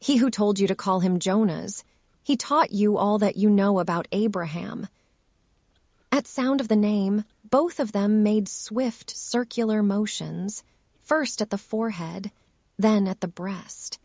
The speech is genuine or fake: fake